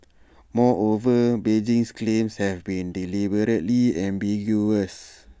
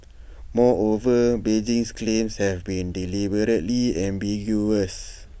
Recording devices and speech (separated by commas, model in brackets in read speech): standing microphone (AKG C214), boundary microphone (BM630), read sentence